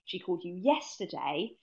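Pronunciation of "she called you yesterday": The sentence stress falls on 'yesterday', so the emphasis is on when she called, not on another day.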